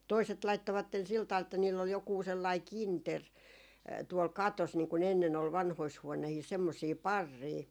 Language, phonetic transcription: Finnish, 'toiset 'laittovatten sil taᵛal että niill ‿ol jokuu 'sellài "kinter tuol "katos niiŋ ku'n ‿ennen ‿ol 'vanhois 'huonehiis semmosii "parrii .
- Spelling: toiset laittoivat sillä tavalla että niillä oli joku sellainen kinteri tuolla katossa niin kun ennen oli vanhoissa huoneissa semmoisia parreja

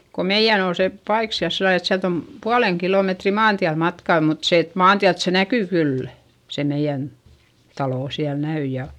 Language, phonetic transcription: Finnish, ko meiʲän ‿ol se , paik siäl sillal ‿et siält ‿om , pualeŋ kilòmetri maantiäl matkà mut se et maantiält se näkỳ kyllÄ , se meiʲän , talò siäl näy ja ,.
- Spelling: kun meidän oli se paikka siellä sillä lailla että sieltä on puolen kilometriä maantielle matkaa mutta se että maantieltä se näkyy kyllä se meidän talo siellä näkyi ja

